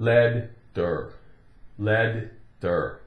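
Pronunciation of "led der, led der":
'Letter' is pronounced incorrectly here.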